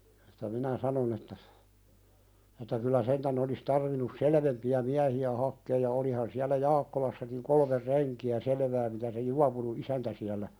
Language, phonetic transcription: Finnish, et̆tä minä "sanon ‿että , et̆tä kyl̆lä 'sentän ‿olis 'tarvinus "selevempi₍ä miähi₍ä 'hakkeej ja 'olihan siälä "Jaakkolassakiŋ 'kolmer "renki₍ä 'selevää mitä se 'juapunu "'isäntä siällä ,.
- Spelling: että minä sanoin että että kyllä sentään olisi tarvinnut selvempiä miehiä hakemaan ja olihan siellä Jaakkolassakin kolme renkiä selvää mitä se juopunut isäntä siellä

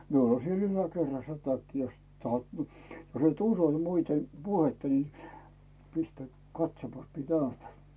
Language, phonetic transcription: Finnish, 'miul ‿on siel "yläkerrassᴀ 'takki jost tahot ni , jos ‿et "uso ni muite 'puhetta ni , 'pistäⁱ "katsomas miᵉ 'näytä .
- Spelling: minulla on siellä yläkerrassa takki jos tahdot niin jos et usko niin muiden puhetta niin pistäydy katsomassa minä näytän

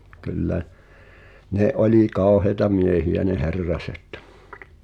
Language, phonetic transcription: Finnish, ky̬llä , 'ne '’oĺi "kàoheĭta 'miehijä ne 'Herraset .
- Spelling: kyllä ne oli kauheita miehiä ne Herraset

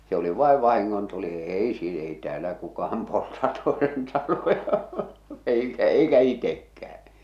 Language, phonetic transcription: Finnish, se ‿oli 'vàev 'vahiŋŋontuli "èi si- ei 'tᵉäällä "kukaham polta toesen taloja , 'eikä 'eikä "itekkähᴀ̈ .
- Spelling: se oli vain vahingontuli ei - ei täällä kukaan polta toisen taloja eikä eikä itsekään

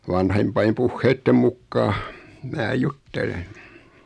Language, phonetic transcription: Finnish, 'vanhempaim 'puhheittem 'mukkaa , 'mää "juttelen .
- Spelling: vanhempien puheiden mukaan minä juttelen

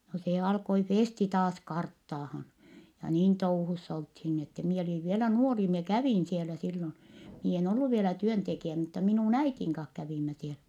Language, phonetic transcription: Finnish, no se alkoi Fèsti taas karttaahan , ja niin touhuss ‿olthin ni ‿ettɛ - mie oliv vielä nuori mie kävìn sielä sillon , mie en ollu vielä työntekijä mutta minùn ‿äitiŋ kah kävìmmä siel(ä) .
- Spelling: no se alkoi Festi taas karttaamaan ja niin touhussa oltiin niin että minä olin vielä nuori minä kävin siellä silloin minä en ollut vielä työntekijä mutta minun äidin kanssa kävimme siellä

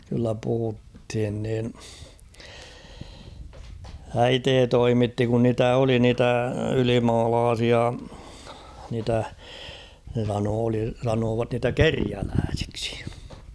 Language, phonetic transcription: Finnish, kyllä puhuthin niin ; "äitee 'toimitti kun niitä 'oli niitä "ylimaalaasia , niitä , (ne) sanoo oli , sanoovat niitä "keriälääsɪksɪ .
- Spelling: kyllä puhuttiin niin äiti toimitti kun niitä oli niitä ylimaalaisia niitä ne sanoivat oli sanoivat niitä kerjäläisiksi

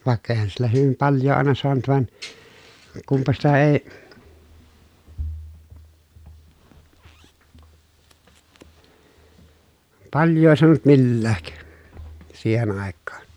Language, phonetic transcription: Finnish, vàekka eⁱhän sillä hyvim palj̆joo àena soanut van , kumpa sitä èi̮ palj̀oo soanut millääk , siihen àekkaan .
- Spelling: vaikka eihän sillä hyvin paljoa aina saanut vaan kunpa sitä ei paljoa saanut millään siihen aikaan

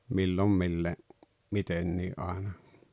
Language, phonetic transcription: Finnish, 'millom mille- , "mitennii’ ’àena .
- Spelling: milloin - mitenkin aina

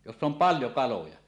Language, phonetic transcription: Finnish, joss ‿om "paljo 'kaloja .
- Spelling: jossa on paljon kaloja

